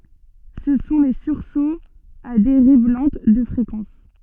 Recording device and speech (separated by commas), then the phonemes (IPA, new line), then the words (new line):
soft in-ear microphone, read sentence
sə sɔ̃ le syʁsoz a deʁiv lɑ̃t də fʁekɑ̃s
Ce sont les sursauts à dérive lente de fréquence.